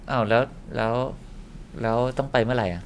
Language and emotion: Thai, frustrated